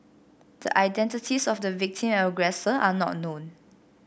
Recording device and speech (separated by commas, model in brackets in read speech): boundary microphone (BM630), read sentence